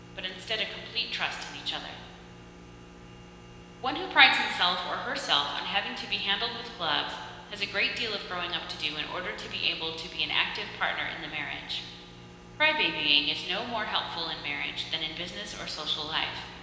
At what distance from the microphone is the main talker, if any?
1.7 m.